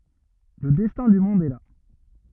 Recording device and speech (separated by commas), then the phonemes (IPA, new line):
rigid in-ear microphone, read sentence
lə dɛstɛ̃ dy mɔ̃d ɛ la